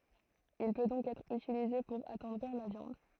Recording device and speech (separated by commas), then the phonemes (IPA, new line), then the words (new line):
throat microphone, read sentence
il pø dɔ̃k ɛtʁ ytilize puʁ atɑ̃dʁiʁ la vjɑ̃d
Il peut donc être utilisé pour attendrir la viande.